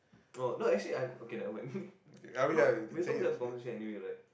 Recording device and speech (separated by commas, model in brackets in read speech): boundary microphone, conversation in the same room